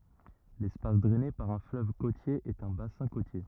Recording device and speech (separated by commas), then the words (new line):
rigid in-ear microphone, read sentence
L'espace drainé par un fleuve côtier est un bassin côtier.